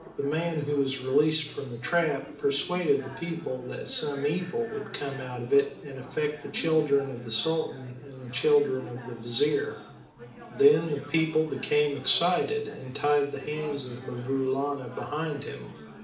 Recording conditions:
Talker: one person; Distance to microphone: 2.0 m; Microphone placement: close; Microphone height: 99 cm; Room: medium-sized (5.7 m by 4.0 m); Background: babble

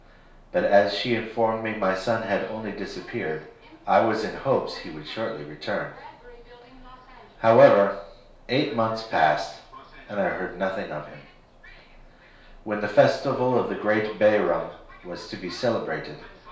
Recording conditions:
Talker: one person; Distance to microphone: 1.0 m; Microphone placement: close; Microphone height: 1.1 m; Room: small (3.7 m by 2.7 m); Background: television

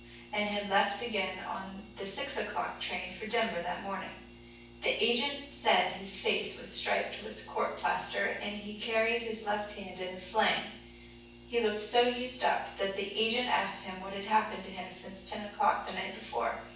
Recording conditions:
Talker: one person; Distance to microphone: 9.8 m; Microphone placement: far; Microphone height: 1.8 m; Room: large; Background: none

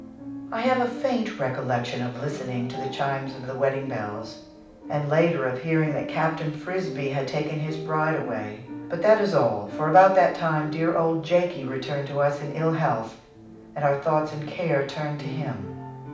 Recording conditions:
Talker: one person; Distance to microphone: 5.8 m; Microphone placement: far; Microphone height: 1.8 m; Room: medium-sized (5.7 m by 4.0 m); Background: music

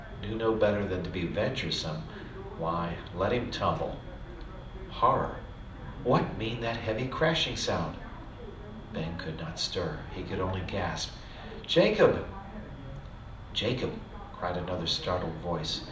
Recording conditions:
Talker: one person; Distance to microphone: 2.0 m; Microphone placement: close; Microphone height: 99 cm; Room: medium-sized (5.7 m by 4.0 m); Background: television

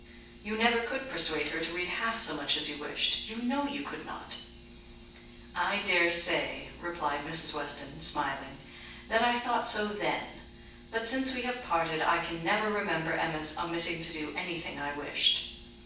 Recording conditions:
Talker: one person; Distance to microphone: 9.8 m; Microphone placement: far; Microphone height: 1.8 m; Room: large; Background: none

